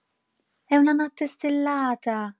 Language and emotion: Italian, surprised